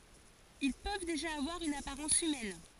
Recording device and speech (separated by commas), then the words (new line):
forehead accelerometer, read sentence
Ils peuvent déjà avoir une apparence humaine.